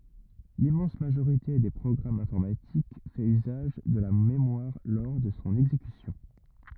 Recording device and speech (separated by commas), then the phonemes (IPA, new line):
rigid in-ear microphone, read sentence
limmɑ̃s maʒoʁite de pʁɔɡʁamz ɛ̃fɔʁmatik fɛt yzaʒ də la memwaʁ lɔʁ də sɔ̃ ɛɡzekysjɔ̃